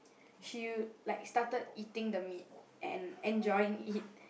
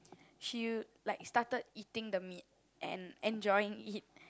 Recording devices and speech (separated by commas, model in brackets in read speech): boundary microphone, close-talking microphone, conversation in the same room